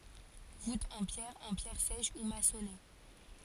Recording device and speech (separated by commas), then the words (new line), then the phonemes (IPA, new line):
forehead accelerometer, read sentence
Voûtes en pierre, en pierres sèches ou maçonnées.
vutz ɑ̃ pjɛʁ ɑ̃ pjɛʁ sɛʃ u masɔne